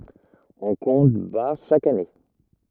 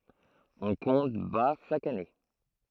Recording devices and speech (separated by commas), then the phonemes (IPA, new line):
rigid in-ear microphone, throat microphone, read sentence
ɔ̃ kɔ̃t baʁ ʃak ane